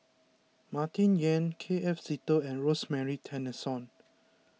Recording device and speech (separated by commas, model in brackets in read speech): mobile phone (iPhone 6), read sentence